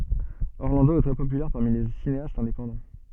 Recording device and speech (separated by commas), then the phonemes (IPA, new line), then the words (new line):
soft in-ear microphone, read sentence
ɔʁlɑ̃do ɛ tʁɛ popylɛʁ paʁmi le sineastz ɛ̃depɑ̃dɑ̃
Orlando est très populaire parmi les cinéastes indépendants.